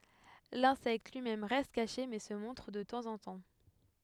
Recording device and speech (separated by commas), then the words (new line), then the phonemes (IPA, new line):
headset microphone, read sentence
L'insecte lui-même reste caché, mais se montre de temps en temps.
lɛ̃sɛkt lyi mɛm ʁɛst kaʃe mɛ sə mɔ̃tʁ də tɑ̃zɑ̃tɑ̃